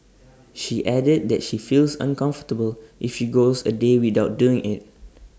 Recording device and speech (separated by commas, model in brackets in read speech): standing microphone (AKG C214), read sentence